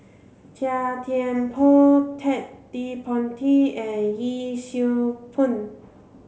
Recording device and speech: mobile phone (Samsung C7), read sentence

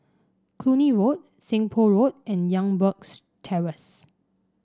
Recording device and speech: standing microphone (AKG C214), read sentence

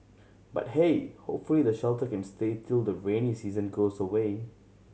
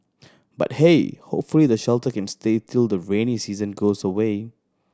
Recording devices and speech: mobile phone (Samsung C7100), standing microphone (AKG C214), read sentence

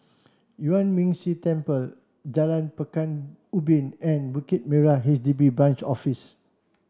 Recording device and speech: standing microphone (AKG C214), read sentence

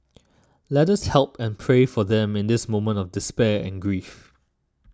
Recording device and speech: standing microphone (AKG C214), read sentence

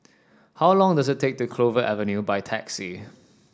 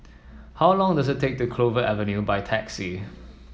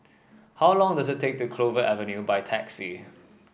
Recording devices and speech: standing microphone (AKG C214), mobile phone (iPhone 7), boundary microphone (BM630), read sentence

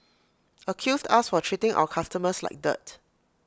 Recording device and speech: close-talking microphone (WH20), read sentence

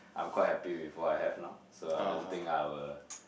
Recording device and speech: boundary microphone, conversation in the same room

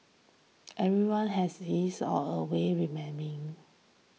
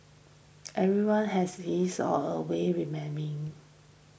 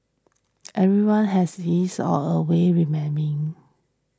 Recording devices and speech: mobile phone (iPhone 6), boundary microphone (BM630), standing microphone (AKG C214), read sentence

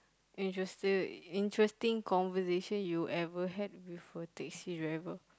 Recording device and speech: close-talking microphone, conversation in the same room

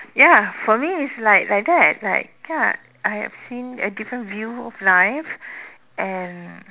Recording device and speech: telephone, conversation in separate rooms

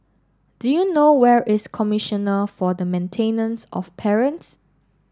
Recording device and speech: standing microphone (AKG C214), read sentence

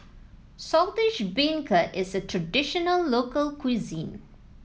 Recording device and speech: mobile phone (iPhone 7), read sentence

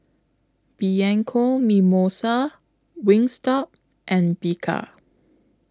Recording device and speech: close-talking microphone (WH20), read sentence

